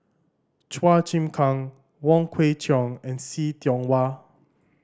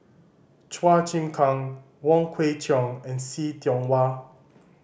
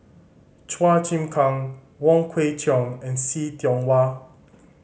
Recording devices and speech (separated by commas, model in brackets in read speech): standing microphone (AKG C214), boundary microphone (BM630), mobile phone (Samsung C5010), read sentence